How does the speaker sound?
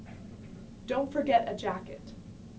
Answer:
neutral